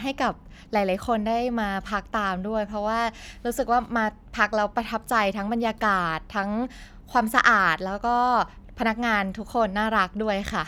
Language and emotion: Thai, happy